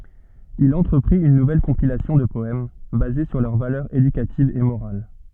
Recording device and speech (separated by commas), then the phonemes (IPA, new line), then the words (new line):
soft in-ear microphone, read sentence
il ɑ̃tʁəpʁit yn nuvɛl kɔ̃pilasjɔ̃ də pɔɛm baze syʁ lœʁ valœʁz edykativz e moʁal
Il entreprit une nouvelle compilation de poèmes, basée sur leurs valeurs éducatives et morales.